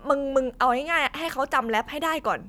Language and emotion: Thai, neutral